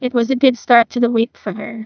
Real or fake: fake